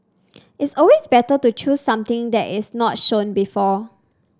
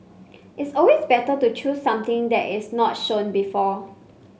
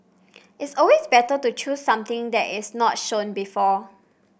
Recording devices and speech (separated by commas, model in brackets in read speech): standing microphone (AKG C214), mobile phone (Samsung C5), boundary microphone (BM630), read sentence